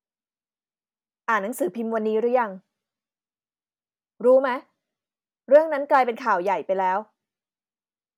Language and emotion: Thai, frustrated